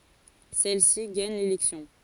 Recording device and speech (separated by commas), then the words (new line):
forehead accelerometer, read sentence
Celle-ci gagne l'élection.